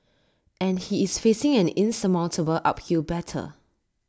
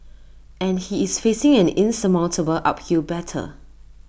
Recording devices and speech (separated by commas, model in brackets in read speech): standing microphone (AKG C214), boundary microphone (BM630), read sentence